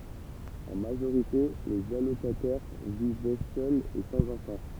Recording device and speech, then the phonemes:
temple vibration pickup, read sentence
ɑ̃ maʒoʁite lez alokatɛʁ vivɛ sœlz e sɑ̃z ɑ̃fɑ̃

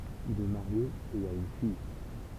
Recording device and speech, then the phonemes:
temple vibration pickup, read sentence
il ɛ maʁje e a yn fij

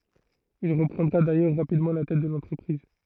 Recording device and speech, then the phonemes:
throat microphone, read sentence
il ʁəpʁɑ̃dʁa dajœʁ ʁapidmɑ̃ la tɛt də lɑ̃tʁəpʁiz

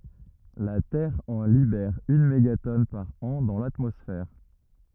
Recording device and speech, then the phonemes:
rigid in-ear microphone, read sentence
la tɛʁ ɑ̃ libɛʁ yn meɡatɔn paʁ ɑ̃ dɑ̃ latmɔsfɛʁ

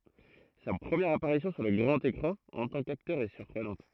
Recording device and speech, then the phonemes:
throat microphone, read sentence
sa pʁəmjɛʁ apaʁisjɔ̃ syʁ lə ɡʁɑ̃t ekʁɑ̃ ɑ̃ tɑ̃ kaktœʁ ɛ syʁpʁənɑ̃t

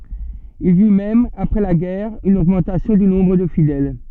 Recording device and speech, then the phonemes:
soft in-ear microphone, read sentence
il i y mɛm apʁɛ la ɡɛʁ yn oɡmɑ̃tasjɔ̃ dy nɔ̃bʁ də fidɛl

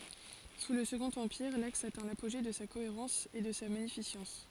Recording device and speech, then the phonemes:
forehead accelerometer, read sentence
su lə səɡɔ̃t ɑ̃piʁ laks atɛ̃ lapoʒe də sa koeʁɑ̃s e də sa maɲifisɑ̃s

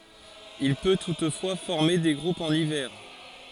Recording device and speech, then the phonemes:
forehead accelerometer, read sentence
il pø tutfwa fɔʁme de ɡʁupz ɑ̃n ivɛʁ

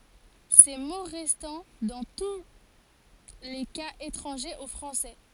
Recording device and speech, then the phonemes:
forehead accelerometer, read sentence
se mo ʁɛstɑ̃ dɑ̃ tu le kaz etʁɑ̃ʒez o fʁɑ̃sɛ

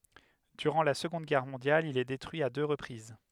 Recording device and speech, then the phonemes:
headset microphone, read sentence
dyʁɑ̃ la səɡɔ̃d ɡɛʁ mɔ̃djal il ɛ detʁyi a dø ʁəpʁiz

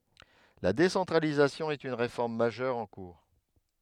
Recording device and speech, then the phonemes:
headset microphone, read sentence
la desɑ̃tʁalizasjɔ̃ ɛt yn ʁefɔʁm maʒœʁ ɑ̃ kuʁ

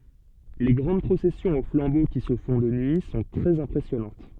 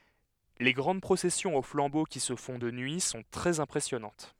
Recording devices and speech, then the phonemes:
soft in-ear microphone, headset microphone, read sentence
le ɡʁɑ̃d pʁosɛsjɔ̃z o flɑ̃bo ki sə fɔ̃ də nyi sɔ̃ tʁɛz ɛ̃pʁɛsjɔnɑ̃t

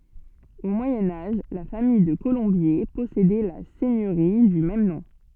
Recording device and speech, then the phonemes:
soft in-ear microphone, read sentence
o mwajɛ̃ aʒ la famij də kolɔ̃bje pɔsedɛ la sɛɲøʁi dy mɛm nɔ̃

